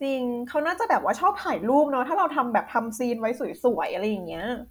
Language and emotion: Thai, happy